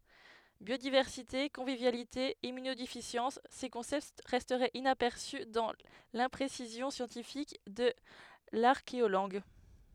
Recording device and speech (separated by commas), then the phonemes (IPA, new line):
headset microphone, read sentence
bjodivɛʁsite kɔ̃vivjalite immynodefisjɑ̃s se kɔ̃sɛpt ʁɛstɛt inapɛʁsy dɑ̃ lɛ̃pʁesizjɔ̃ sjɑ̃tifik də laʁkeolɑ̃ɡ